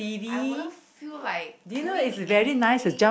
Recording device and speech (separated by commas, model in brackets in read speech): boundary microphone, conversation in the same room